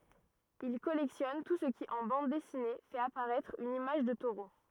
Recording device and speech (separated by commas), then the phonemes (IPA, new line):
rigid in-ear microphone, read sentence
il kɔlɛktjɔn tu sə ki ɑ̃ bɑ̃d dɛsine fɛt apaʁɛtʁ yn imaʒ də toʁo